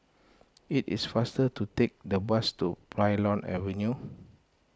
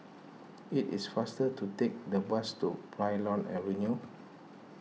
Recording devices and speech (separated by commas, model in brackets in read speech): close-talking microphone (WH20), mobile phone (iPhone 6), read sentence